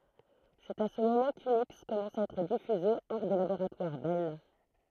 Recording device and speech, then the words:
throat microphone, read sentence
C'est à ce moment qu'Unix commença à être diffusé hors des laboratoires Bell.

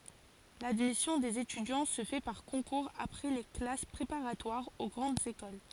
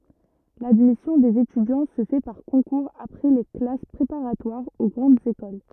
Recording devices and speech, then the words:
forehead accelerometer, rigid in-ear microphone, read sentence
L’admission des étudiants se fait par concours après les classes préparatoires aux grandes écoles.

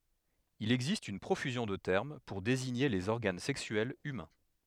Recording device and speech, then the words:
headset microphone, read sentence
Il existe une profusion de termes pour désigner les organes sexuels humains.

